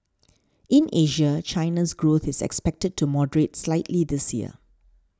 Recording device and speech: standing microphone (AKG C214), read sentence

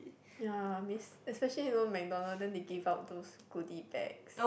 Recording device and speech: boundary microphone, conversation in the same room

